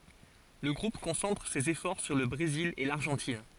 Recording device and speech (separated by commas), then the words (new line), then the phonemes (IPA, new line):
forehead accelerometer, read sentence
Le groupe concentre ses efforts sur le Brésil et l'Argentine.
lə ɡʁup kɔ̃sɑ̃tʁ sez efɔʁ syʁ lə bʁezil e laʁʒɑ̃tin